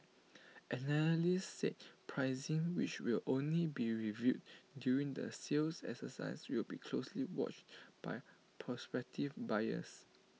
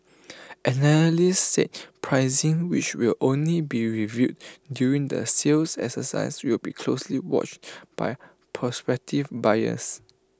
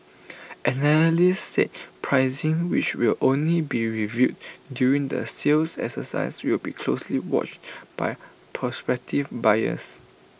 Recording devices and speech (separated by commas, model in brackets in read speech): mobile phone (iPhone 6), close-talking microphone (WH20), boundary microphone (BM630), read sentence